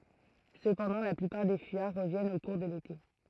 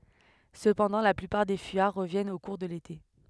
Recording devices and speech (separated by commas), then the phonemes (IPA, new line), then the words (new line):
throat microphone, headset microphone, read sentence
səpɑ̃dɑ̃ la plypaʁ de fyijaʁ ʁəvjɛnt o kuʁ də lete
Cependant la plupart des fuyards reviennent au cours de l'été.